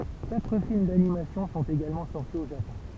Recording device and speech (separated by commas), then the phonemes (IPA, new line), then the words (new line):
temple vibration pickup, read sentence
katʁ film danimasjɔ̃ sɔ̃t eɡalmɑ̃ sɔʁti o ʒapɔ̃
Quatre films d’animation sont également sortis au Japon.